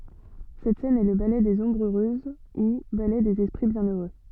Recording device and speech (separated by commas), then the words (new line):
soft in-ear microphone, read sentence
Cette scène est le ballet des Ombres heureuses ou ballet des esprits bienheureux.